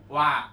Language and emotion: Thai, neutral